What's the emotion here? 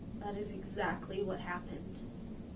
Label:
neutral